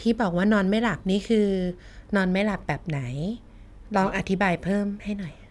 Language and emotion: Thai, neutral